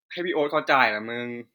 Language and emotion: Thai, neutral